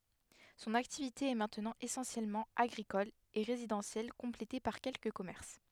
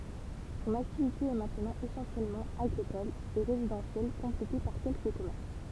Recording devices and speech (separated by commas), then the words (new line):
headset microphone, temple vibration pickup, read sentence
Son activité est maintenant essentiellement agricole et résidentielle complétée par quelques commerces.